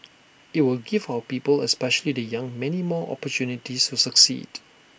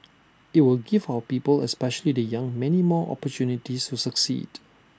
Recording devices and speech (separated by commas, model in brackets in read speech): boundary microphone (BM630), standing microphone (AKG C214), read sentence